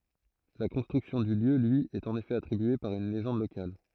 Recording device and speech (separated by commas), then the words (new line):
throat microphone, read sentence
La construction du lieu lui est en effet attribuée par une légende locale.